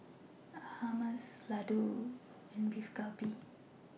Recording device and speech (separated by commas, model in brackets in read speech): mobile phone (iPhone 6), read sentence